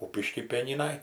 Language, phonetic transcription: Lithuanian, ˈkūpišky ˈpieninaj

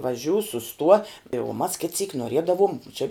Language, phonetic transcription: Lithuanian, vaˈžiū suˈstuo i uo mas kit syk noˈriedavom ˈči

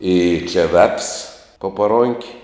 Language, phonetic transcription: Lithuanian, i čia vefs po paˈron'k'

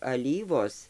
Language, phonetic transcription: Lithuanian, aˈlyvos

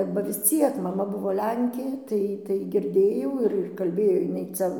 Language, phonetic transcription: Lithuanian, ba vis ˈciek maˈma ˈbuvo ˈlenkė ˈtai tai girˈdėjau ir ir kalˈbėjo jiˈnai ˈcia

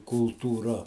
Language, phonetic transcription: Lithuanian, kultūˈra

